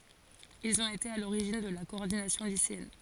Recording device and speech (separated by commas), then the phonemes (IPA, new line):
forehead accelerometer, read sentence
ilz ɔ̃t ete a loʁiʒin də la kɔɔʁdinasjɔ̃ liseɛn